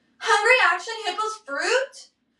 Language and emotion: English, sad